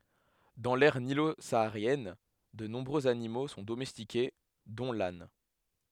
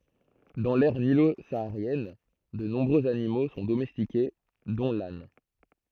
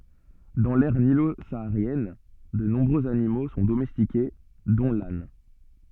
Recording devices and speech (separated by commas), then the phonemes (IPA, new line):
headset microphone, throat microphone, soft in-ear microphone, read sentence
dɑ̃ lɛʁ nilo saaʁjɛn də nɔ̃bʁøz animo sɔ̃ domɛstike dɔ̃ lan